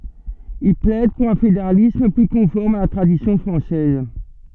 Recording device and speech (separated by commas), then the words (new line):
soft in-ear microphone, read sentence
Il plaide pour un fédéralisme, plus conforme à la tradition française.